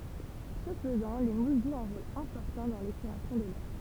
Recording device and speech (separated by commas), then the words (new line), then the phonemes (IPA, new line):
temple vibration pickup, read sentence
Ce faisant, les mousses jouent un rôle important dans l'épuration de l'air.
sə fəzɑ̃ le mus ʒwt œ̃ ʁol ɛ̃pɔʁtɑ̃ dɑ̃ lepyʁasjɔ̃ də lɛʁ